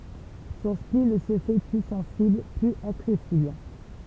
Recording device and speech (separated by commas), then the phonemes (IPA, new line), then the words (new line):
temple vibration pickup, read sentence
sɔ̃ stil sə fɛ ply sɑ̃sibl plyz aksɛsibl
Son style se fait plus sensible, plus accessible.